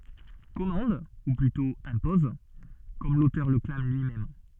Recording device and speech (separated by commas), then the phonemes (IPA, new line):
soft in-ear microphone, read sentence
kɔmɑ̃d u plytɔ̃ ɛ̃pɔz kɔm lotœʁ lə klam lyimɛm